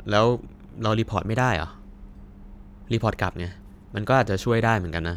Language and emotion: Thai, neutral